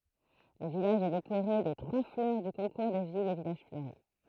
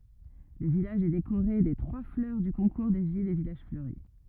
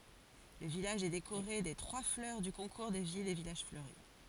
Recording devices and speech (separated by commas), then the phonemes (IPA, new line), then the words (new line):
throat microphone, rigid in-ear microphone, forehead accelerometer, read sentence
lə vilaʒ ɛ dekoʁe de tʁwa flœʁ dy kɔ̃kuʁ de vilz e vilaʒ fløʁi
Le village est décoré des trois fleurs du concours des villes et villages fleuris.